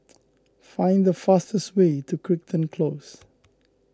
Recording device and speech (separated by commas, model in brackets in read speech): close-talking microphone (WH20), read sentence